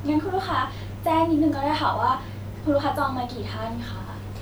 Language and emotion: Thai, neutral